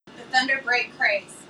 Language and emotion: English, surprised